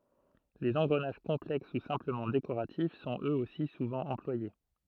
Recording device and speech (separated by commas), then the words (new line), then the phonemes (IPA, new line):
throat microphone, read sentence
Les engrenages complexes ou simplement décoratifs sont, eux aussi, souvent employés.
lez ɑ̃ɡʁənaʒ kɔ̃plɛks u sɛ̃pləmɑ̃ dekoʁatif sɔ̃t øz osi suvɑ̃ ɑ̃plwaje